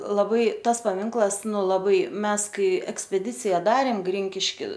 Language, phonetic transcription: Lithuanian, laˈbai ˈtas paˈminklas ˈnu laˈbai ˈmes ˈkai ekspeˈdicija ˈdarėm ˈgrinkiški

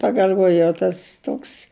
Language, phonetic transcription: Lithuanian, pagal'ˈvojau ˈtas ˈtoks

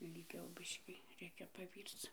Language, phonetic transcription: Lithuanian, ilˈgiau ˈbiškį ˈreikia paˈvyrc

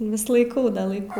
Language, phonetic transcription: Lithuanian, vis laiˈkau da laiˈkau

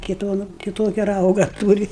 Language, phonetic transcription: Lithuanian, kai ˈduonu kiˈtokia ˈrauga ˈtūri

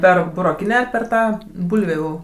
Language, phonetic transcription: Lithuanian, ˈper buroˈkinę ar per ˈtą ˈbulvių

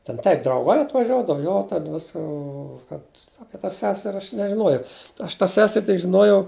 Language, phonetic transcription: Lithuanian, ten ˈtaip drauˈgai atvaˈžiuodav ˈjo ten ˈvis ˈo kad ˈapie ta ˈseser' ˈaš nežiˈnuojau aš tą ˈseser' tik žiˈnuojau

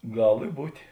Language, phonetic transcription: Lithuanian, ˈgal i ˈbūtė

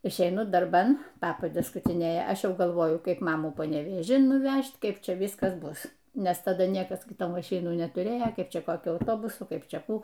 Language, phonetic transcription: Lithuanian, išeiˈnu darˈban ˈpapades skutiˈnėja ˈaš ˈjau galˈvoju ˈkaip ˈmamų panevėˈžin nuˈvæžt ˈkaip ˈčia ˈvyskas ˈbus nes taˈda ˈniekas ˈgi ˈto maˈšinų netuˈrėjo ˈkaip ˈčia koˈkiu auˈtobusu ˈkaip ˈčia ˈkų

